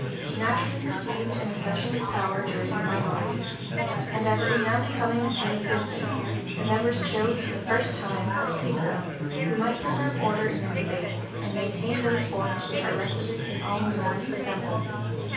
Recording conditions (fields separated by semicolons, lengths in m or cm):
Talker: one person; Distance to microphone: 9.8 m; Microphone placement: far; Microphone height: 1.8 m; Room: large; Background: babble